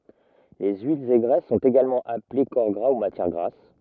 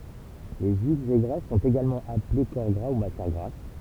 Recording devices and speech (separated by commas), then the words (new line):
rigid in-ear microphone, temple vibration pickup, read sentence
Les huiles et graisses sont également appelées corps gras ou matière grasse.